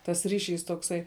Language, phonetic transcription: Lithuanian, tas ˈriˌšys tokˈsai

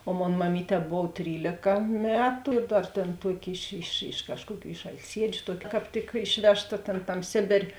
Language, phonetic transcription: Lithuanian, o ˈmon maˈmyˌtē ˈbov ˈtrylėka ˈmetu ir ˈdar ˈtėn ˈtuoˌki iš iš iš ˈkažkuoˌkių iš alˈsiedžiu ˈtuoki kāp ˈtik ˈišvežˌta tėn ˈtam ˈsėbėrė

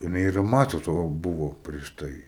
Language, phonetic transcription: Lithuanian, jiˈnai ir roˈmasiaus va ˈbūvo prieš ˈtai

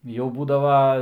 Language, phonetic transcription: Lithuanian, jau ˈbūdava

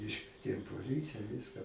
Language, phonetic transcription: Lithuanian, ˈiškvietėm poˈlycija ˈviska

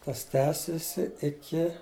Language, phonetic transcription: Lithuanian, ˈtas ˈtęsisi iˈki

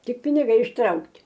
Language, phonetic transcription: Lithuanian, ˈtik piniˈgai išˈtraukt'

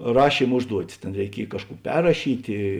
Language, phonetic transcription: Lithuanian, ˈrašym ˈužduotis ˈtėn reiˈkiej ˈkažˌkų ˈperrašytė

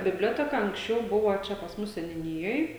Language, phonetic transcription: Lithuanian, bibˈlioteka anksˈčiau ˈbuvo ˈčia pas ˈmus seniuˈnijoj

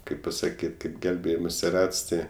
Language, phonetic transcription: Lithuanian, ˈkaip pasaˈkyt' kaip ˈgelbėjimosi ˈrats ˈti

